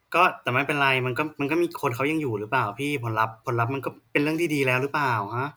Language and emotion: Thai, frustrated